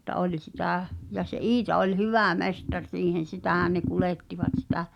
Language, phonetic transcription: Finnish, mutta '’oĺ sitä̀ , ja se "’Iita oĺ "hyvä̀ 'mes-tar 'siihen̬ "sitä̀hän ne 'kulèttivat sitä ,.
- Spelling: mutta oli sitä ja se Iita oli hyvä mestari siihen sitähän ne kuljettivat sitä

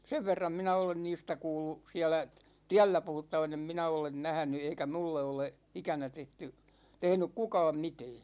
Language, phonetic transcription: Finnish, 'sev verram 'minä olen 'niistä 'kuullu , 'siälä , "tiällä 'puhuttavan ‿em 'minä olen "nähᵃ̈ny eikä 'mulle ole , 'ikänä tehty , 'tehnyk "kukaam 'mitɛɛ .
- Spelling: sen verran minä olen niistä kuullut siellä tiellä puhuttavan en minä ole nähnyt eikä minulle ole ikänä tehty tehnyt kukaan mitään

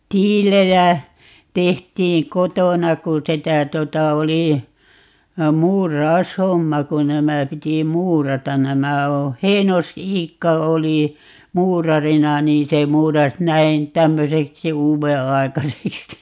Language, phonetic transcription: Finnish, 'tiilejä , 'tehtiiŋ "kotona ku 'sitä 'tota 'oli , "muuraos"homma ku 'nämä 'piti "muuratan - 'nämä oo̰ , "Heinos₍'iikka 'oli , "muurarina 'niin se 'muuras 'näin 'tämmöseksi "uuve₍'ai̮kaseksi .
- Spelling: tiiliä tehtiin kotona kun sitä tuota oli muuraushomma kun nämä piti muurata nämä on Heinos-Iikka oli muurarina niin se muurasi näin tämmöiseksi uudenaikaiseksi

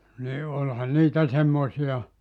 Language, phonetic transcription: Finnish, ni , 'oĺhan niitä 'semmoⁱsi₍a .
- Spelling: niin olihan niitä semmoisia

